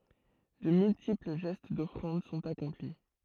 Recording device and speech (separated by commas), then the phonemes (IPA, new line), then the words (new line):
throat microphone, read sentence
də myltipl ʒɛst dɔfʁɑ̃d sɔ̃t akɔ̃pli
De multiples gestes d'offrande sont accomplis.